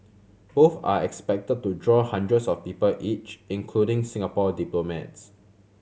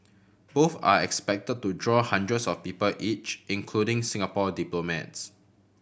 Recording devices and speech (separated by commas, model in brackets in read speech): mobile phone (Samsung C7100), boundary microphone (BM630), read sentence